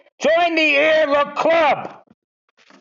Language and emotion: English, neutral